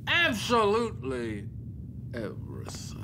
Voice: in a sexy voice